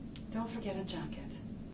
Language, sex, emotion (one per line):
English
female
neutral